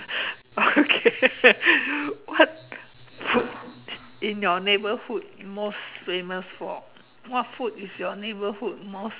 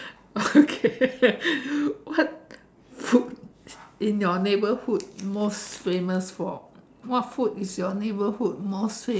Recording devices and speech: telephone, standing microphone, conversation in separate rooms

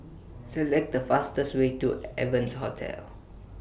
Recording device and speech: boundary microphone (BM630), read sentence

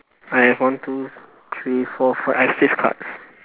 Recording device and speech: telephone, conversation in separate rooms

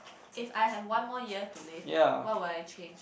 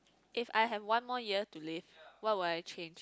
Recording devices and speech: boundary microphone, close-talking microphone, conversation in the same room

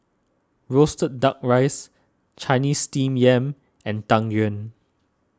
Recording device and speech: standing microphone (AKG C214), read sentence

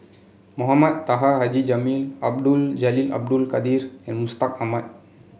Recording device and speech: mobile phone (Samsung C7), read sentence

